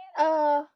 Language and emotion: Thai, frustrated